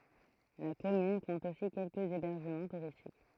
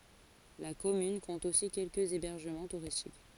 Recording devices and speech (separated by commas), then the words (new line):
throat microphone, forehead accelerometer, read sentence
La commune compte aussi quelques hébergements touristiques.